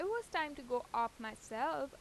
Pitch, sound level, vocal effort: 280 Hz, 89 dB SPL, normal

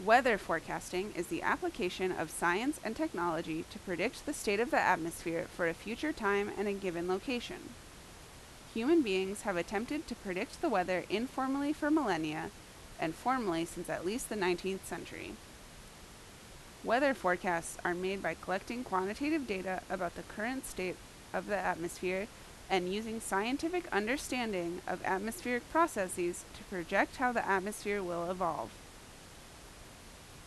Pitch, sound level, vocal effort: 190 Hz, 84 dB SPL, loud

